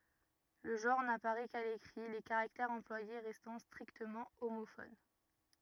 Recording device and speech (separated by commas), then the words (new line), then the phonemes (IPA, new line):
rigid in-ear microphone, read sentence
Le genre n'apparaît qu'à l'écrit, les caractères employés restant strictement homophones.
lə ʒɑ̃ʁ napaʁɛ ka lekʁi le kaʁaktɛʁz ɑ̃plwaje ʁɛstɑ̃ stʁiktəmɑ̃ omofon